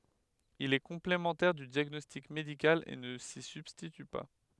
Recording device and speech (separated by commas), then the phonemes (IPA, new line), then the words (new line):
headset microphone, read sentence
il ɛ kɔ̃plemɑ̃tɛʁ dy djaɡnɔstik medikal e nə si sybstity pa
Il est complémentaire du diagnostic médical et ne s'y substitue pas.